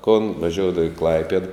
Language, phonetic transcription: Lithuanian, kon vaˈžioudava i ˈklaipied

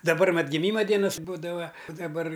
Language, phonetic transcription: Lithuanian, daˈbar mat giˈmyma ˈdienas ˈbūdava u daˈbar

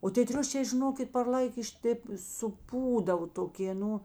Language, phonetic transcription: Lithuanian, o tė ˈtriušė žiˈnokit par ˈlaik iš ˈtėp suˈpūdavo toˈkė ˈnu

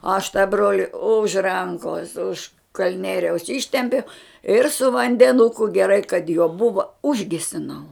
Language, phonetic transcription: Lithuanian, aš tą ˈbroli už ˈrankos už kalˈnieriaus ˈištempiau ir su vandeˈnuku geˈrai kad juo ˈbuva ˈužgesinau

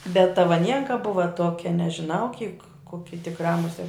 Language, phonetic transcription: Lithuanian, bet ta vaˈnienka ˈbuva ˈtuokia nežiˈnau kyk ˈkoki tikˈrā muˈsiet

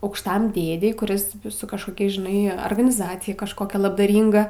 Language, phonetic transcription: Lithuanian, aukšˈtam ˈdėdei kuˈris su kažkoˈkia žiˈnai arganiˈzacija kažkoˈkia labdaˈrynga

